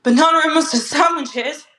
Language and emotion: English, sad